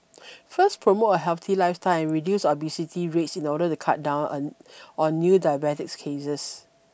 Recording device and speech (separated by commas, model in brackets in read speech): boundary microphone (BM630), read sentence